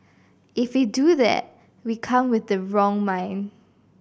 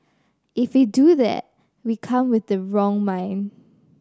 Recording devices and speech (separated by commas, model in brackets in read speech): boundary microphone (BM630), standing microphone (AKG C214), read sentence